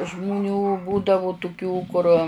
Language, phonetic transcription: Lithuanian, žmuˈnių ˈbūdavu tuˈkių kur

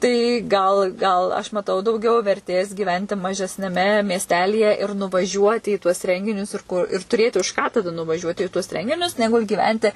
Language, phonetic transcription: Lithuanian, tai ˈgal ˈgal aš maˈtau dauˈgiau verˈtės gyˈventi mažesniaˈme miesˈtelyje ir nuvaˈžiuoti į tuos ˈrenginius ir ˈkur ir tuˈrėti už ką taˈda nuvaˈžiuoti i tuos ˈrenginius neˈgul' gyˈventi

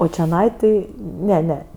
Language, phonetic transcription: Lithuanian, o čeˈnai ˈti ˈne ˈne

